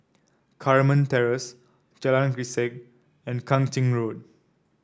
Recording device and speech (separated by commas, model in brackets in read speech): standing microphone (AKG C214), read sentence